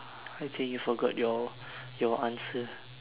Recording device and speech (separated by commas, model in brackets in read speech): telephone, conversation in separate rooms